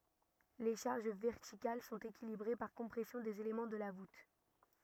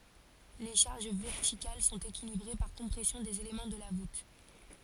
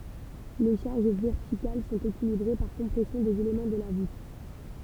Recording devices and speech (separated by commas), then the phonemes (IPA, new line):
rigid in-ear microphone, forehead accelerometer, temple vibration pickup, read sentence
le ʃaʁʒ vɛʁtikal sɔ̃t ekilibʁe paʁ kɔ̃pʁɛsjɔ̃ dez elemɑ̃ də la vut